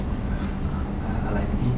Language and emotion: Thai, neutral